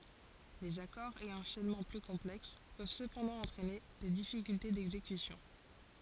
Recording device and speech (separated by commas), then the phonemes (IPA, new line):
forehead accelerometer, read sentence
lez akɔʁz e ɑ̃ʃɛnmɑ̃ ply kɔ̃plɛks pøv səpɑ̃dɑ̃ ɑ̃tʁɛne de difikylte dɛɡzekysjɔ̃